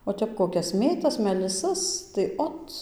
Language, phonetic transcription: Lithuanian, o ˈtep koˈkias ˈmėtas meliˈsas tai ˈot

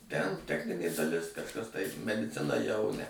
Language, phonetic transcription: Lithuanian, ten ˈtechninė daˈlis kažˈkas tai mediˈcina jau ne

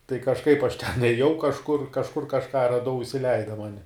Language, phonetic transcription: Lithuanian, tai kažˈkaip aš ten ėˈjau kažˈkur kažˈkur kažˈką raˈdau isiˈleida ˈmani

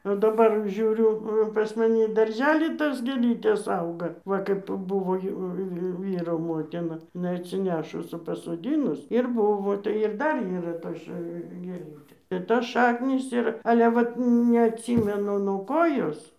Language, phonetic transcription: Lithuanian, o daˈbar ˈžiūriu pas maˈni i darˈžely ˈtos gėˈlytės ˈauga ˈva kaip ˈbuvo ˈjau jau ˈvyro ˈmotina iˈnai atsiˈnešus i pasoˈdynus ir ˈbuvo tai ir ˈdar yˈra ˈtos ša gėˈlytė ir tos ˈšaknys ˈir ale ˈvat neatˈsymenu nuo ˈko ˈjos

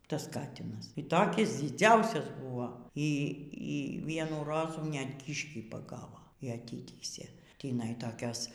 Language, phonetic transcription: Lithuanian, ˈtas ˈkatinas y ˈtokis dziˈdziausias ˈbuvo y y ˈvienų ˈrozų net ˈkyškį paˈgavo y aˈtytįsė tįˈnai toˈkios

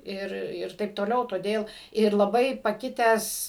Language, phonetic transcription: Lithuanian, ˈir ˈir ˈtaip toˈliau toˈdėl ir laˈbai paˈkitęs

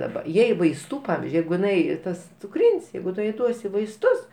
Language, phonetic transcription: Lithuanian, daˈba ˈjai vaisˈtų ˈpavizdžiui ˈjeigu jiˈnai ˈtas cuˈkrin's' ˈjeigu ˈtu jai ˈduosi vaisˈtus

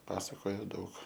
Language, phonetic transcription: Lithuanian, ˈpasakoja ˈdaug

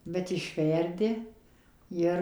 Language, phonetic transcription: Lithuanian, bet išˈverdi ˈjir

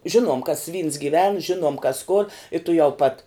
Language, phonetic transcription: Lithuanian, ˈžinuom kas vyns gyˈven ˈžinuom kas kor i tuˈjau pat

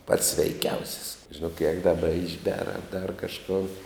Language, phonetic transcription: Lithuanian, pats sveiˈkiausis žiˈnok jeg daˈba išˈber a dar kažˈkon

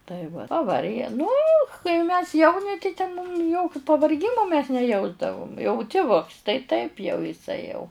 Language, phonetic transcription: Lithuanian, tai va paˈvarge nu kai mes ˈjauni tai ten mum ˈjokiu pavarˈgimo mes neˈjausdavum jau tiˈvuks tai taip jau iˈsai jau

